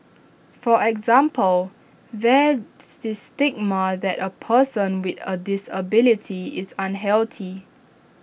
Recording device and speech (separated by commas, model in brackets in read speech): boundary microphone (BM630), read sentence